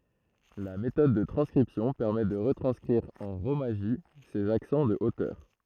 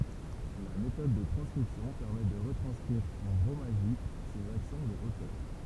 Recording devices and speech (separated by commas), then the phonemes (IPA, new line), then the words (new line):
throat microphone, temple vibration pickup, read sentence
la metɔd də tʁɑ̃skʁipsjɔ̃ pɛʁmɛ də ʁətʁɑ̃skʁiʁ ɑ̃ ʁomaʒi sez aksɑ̃ də otœʁ
La méthode de transcription permet de retranscrire en rōmaji ces accents de hauteur.